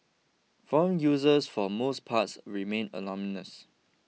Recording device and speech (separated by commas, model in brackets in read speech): mobile phone (iPhone 6), read sentence